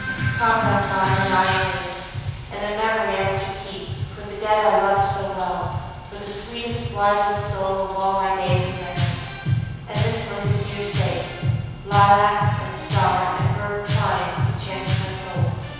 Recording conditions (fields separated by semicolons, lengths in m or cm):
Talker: one person; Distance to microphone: 7.1 m; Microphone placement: far; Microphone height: 1.7 m; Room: very reverberant, large; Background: music